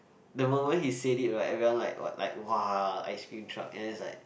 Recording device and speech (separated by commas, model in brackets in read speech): boundary microphone, conversation in the same room